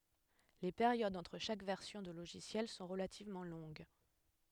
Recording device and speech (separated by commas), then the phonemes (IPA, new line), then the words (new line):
headset microphone, read sentence
le peʁjodz ɑ̃tʁ ʃak vɛʁsjɔ̃ də loʒisjɛl sɔ̃ ʁəlativmɑ̃ lɔ̃ɡ
Les périodes entre chaque version de logiciel sont relativement longues.